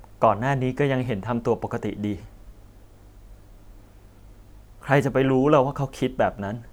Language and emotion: Thai, sad